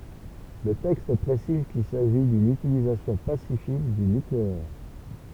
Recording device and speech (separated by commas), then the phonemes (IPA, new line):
temple vibration pickup, read sentence
lə tɛkst pʁesiz kil saʒi dyn ytilizasjɔ̃ pasifik dy nykleɛʁ